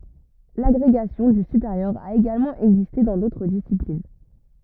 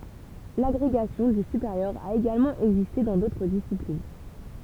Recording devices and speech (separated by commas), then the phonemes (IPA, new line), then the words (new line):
rigid in-ear microphone, temple vibration pickup, read sentence
laɡʁeɡasjɔ̃ dy sypeʁjœʁ a eɡalmɑ̃ ɛɡziste dɑ̃ dotʁ disiplin
L'agrégation du supérieur a également existé dans d'autres disciplines.